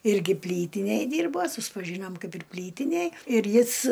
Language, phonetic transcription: Lithuanian, ˈirgi ˈplytinėj ˈdyrbo suspaˈžynom ˈkaip ir ˈplytinėj ir ˈjis

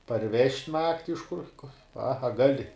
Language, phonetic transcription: Lithuanian, parˈvežt' ˈnakti iš kur pa a ˈgali

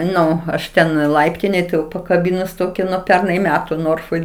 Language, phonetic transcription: Lithuanian, ˈnu aš ˈten ˈlaiptinėj tai jau pakaˈbinus ˈtoki nuo ˈpernai ˈmetu ˈnorfoj

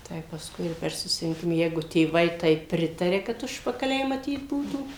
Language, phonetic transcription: Lithuanian, ˈtai pasˈkui ir per susirinˈkima ˈjeigu tėˈvai ˈtaip ˈpritaria kad ˈužpakaliai maˈtyt ˈbūtų

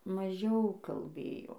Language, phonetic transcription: Lithuanian, maˈžiau kalˈbėjo

